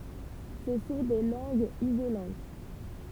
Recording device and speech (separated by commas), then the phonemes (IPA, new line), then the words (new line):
temple vibration pickup, read sentence
sə sɔ̃ de lɑ̃ɡz izolɑ̃t
Ce sont des langues isolantes.